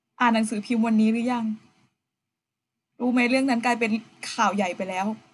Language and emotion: Thai, sad